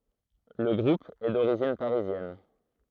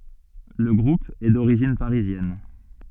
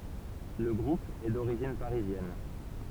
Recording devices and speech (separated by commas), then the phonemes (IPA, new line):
throat microphone, soft in-ear microphone, temple vibration pickup, read sentence
lə ɡʁup ɛ doʁiʒin paʁizjɛn